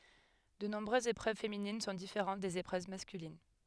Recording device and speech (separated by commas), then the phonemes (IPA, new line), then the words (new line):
headset microphone, read sentence
də nɔ̃bʁøzz epʁøv feminin sɔ̃ difeʁɑ̃t dez epʁøv maskylin
De nombreuses épreuves féminines sont différentes des épreuves masculines.